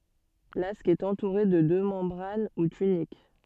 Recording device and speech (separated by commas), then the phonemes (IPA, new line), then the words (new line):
soft in-ear microphone, read sentence
lask ɛt ɑ̃tuʁe də dø mɑ̃bʁan u tynik
L'asque est entouré de deux membranes ou tuniques.